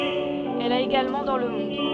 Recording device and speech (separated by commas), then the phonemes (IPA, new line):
soft in-ear microphone, read sentence
ɛl a eɡalmɑ̃ dɑ̃ lə mɔ̃d